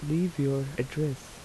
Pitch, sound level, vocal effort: 140 Hz, 78 dB SPL, soft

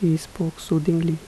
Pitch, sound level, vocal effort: 165 Hz, 76 dB SPL, soft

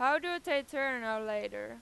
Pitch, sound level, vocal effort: 260 Hz, 98 dB SPL, very loud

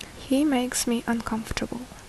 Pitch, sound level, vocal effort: 240 Hz, 67 dB SPL, soft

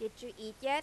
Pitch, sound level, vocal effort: 230 Hz, 93 dB SPL, loud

